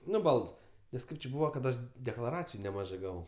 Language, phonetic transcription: Lithuanian, ˈnu ˈbalds nes ˈkaip či ˈbūva kad ˈaš deklaˈraciju neˈmažɜ ˈgavau

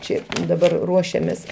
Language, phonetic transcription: Lithuanian, ˈčia daˈbar ˈruošiamės

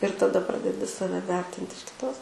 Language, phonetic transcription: Lithuanian, ir taˈda ˈpradedi ˈsave ˈvertint iš kiˈtos

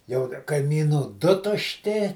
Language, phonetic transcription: Lithuanian, jau kaimyˈnų ˈdu tušˈti

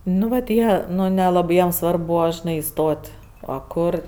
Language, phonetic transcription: Lithuanian, ˈnu vat ˈjie ˈnu neˈlabɜ ˈjiem ˈsvarb ˈbūva žiˈnai iˈstot' a ˈkur

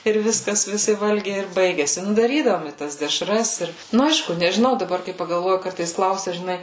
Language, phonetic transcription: Lithuanian, ir ˈviskas viˈsi ˈvalgiai ir ˈbaigiasi ˈnu daˈrydavom i ˈtas deˈšras ˈir ˈnu ˈaišku nežiˈnau daˈbar kai pagalˈvoju ˈkartais ˈklausia žiˈnai

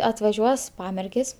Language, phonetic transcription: Lithuanian, atvaˈžiuos ˈpamergės

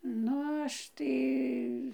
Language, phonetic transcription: Lithuanian, ˈnu ˈaš tai

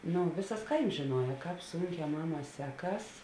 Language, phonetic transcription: Lithuanian, ˈnu ˈvisas ˈkaims žiˈnuoja ˈkāp ˈsunˌkē ˈmaˌmā ˈseˌkas

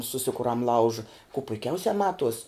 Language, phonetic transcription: Lithuanian, suˈsikuram ˈlauža ku puiˈkiausia ˈmatuos'

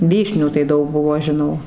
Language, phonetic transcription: Lithuanian, ˈvyšnių tai ˈdaug ˈbuvo žiˈnau

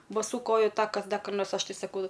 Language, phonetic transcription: Lithuanian, baˈsų ˈkoju ˈtakas ˈda kar ˈnors ˈaš ˈtai saˈkau

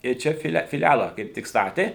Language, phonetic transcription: Lithuanian, ir ˈčia fiˈle fiˈlæla kaip ˈtik ˈstatė

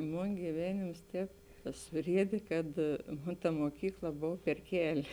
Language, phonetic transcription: Lithuanian, ˈmon gyˈvenėms ˈtēp suˈriedė kad ˈmon ta moˈkykla ˈbov per ˈkeli

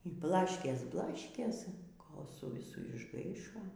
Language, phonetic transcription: Lithuanian, y ˈblaškės ˈblaškės ˈkol su viˈsu išˈgaišo

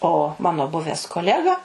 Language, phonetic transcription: Lithuanian, o ˈmano ˈbuves koˈlega

